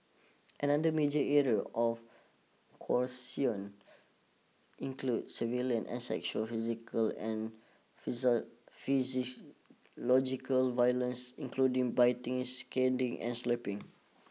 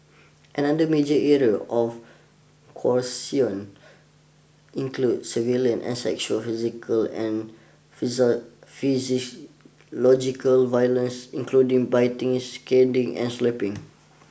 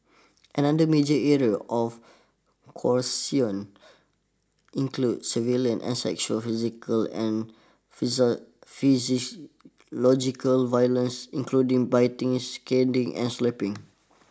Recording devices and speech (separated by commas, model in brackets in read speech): mobile phone (iPhone 6), boundary microphone (BM630), standing microphone (AKG C214), read sentence